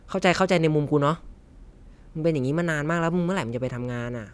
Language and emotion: Thai, frustrated